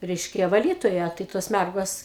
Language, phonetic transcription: Lithuanian, ˈreiškia vaˈlytoja tai ˈtos ˈmærgos

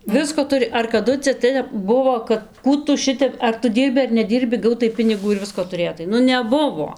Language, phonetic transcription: Lithuanian, ˈvisko ˈturi ar kaˈdu cia ˈtep ˈbuvo kad ˈkų tu ˈšitep ar tu ˈdyrbi ar neˈdyrbi ˈgautai ˈpinigų ir ˈvisko tuˈrėtai ˈnu neˈbuvo

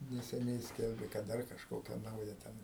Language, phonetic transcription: Lithuanian, neseˈniai ˈskelbė kad ˈdar kažˈkokia ˈnauja ˈten

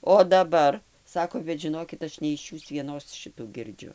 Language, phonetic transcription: Lithuanian, o daˈbar ˈsako bet žiˈnokit ˈaš ne iš ˈjūs vieˈnos ˈšitų girˈdžiu

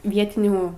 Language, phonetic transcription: Lithuanian, ˈvietinių

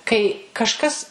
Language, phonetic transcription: Lithuanian, kai kažˈkas

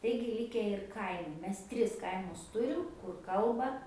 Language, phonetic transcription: Lithuanian, ˈtaigi ˈlike ir ˈkaimu ˈmes ˈtris ˈkaimus ˈturim kur ˈkalba

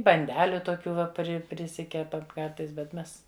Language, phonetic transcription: Lithuanian, banˈdeliu toˈkių ˈva ˈpri priˈsikepam ˈkartais bet ˈmes

